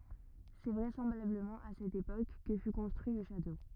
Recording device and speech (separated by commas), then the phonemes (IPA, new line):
rigid in-ear microphone, read sentence
sɛ vʁɛsɑ̃blabləmɑ̃ a sɛt epok kə fy kɔ̃stʁyi lə ʃato